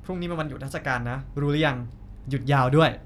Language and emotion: Thai, frustrated